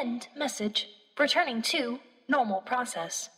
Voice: monotone